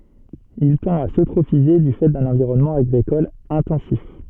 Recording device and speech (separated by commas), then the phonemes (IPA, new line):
soft in-ear microphone, read sentence
il tɑ̃t a søtʁofize dy fɛ dœ̃n ɑ̃viʁɔnmɑ̃ aɡʁikɔl ɛ̃tɑ̃sif